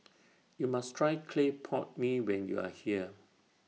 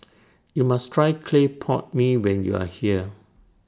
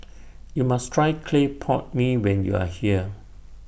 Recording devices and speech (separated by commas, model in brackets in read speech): mobile phone (iPhone 6), standing microphone (AKG C214), boundary microphone (BM630), read sentence